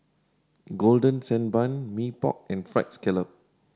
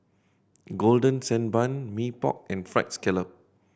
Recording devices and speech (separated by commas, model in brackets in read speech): standing microphone (AKG C214), boundary microphone (BM630), read sentence